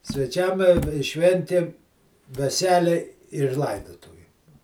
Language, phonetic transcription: Lithuanian, sveˈčiam i i ˈšventėm veˈselei ir ˈlaidotuvėm

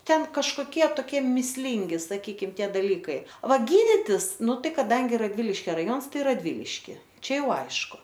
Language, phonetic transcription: Lithuanian, ˈten kažˈkokie toˈkie mįsˈlingi saˈkykim ˈtie daˈlykai ˈva ˈgyditis ˈnu ˈtai kaˈdangi radˈviliškia raˈjons ˈtai radˈviliški ˈčia ˈjau ˈaišku

